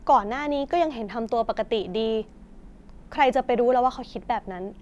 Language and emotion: Thai, frustrated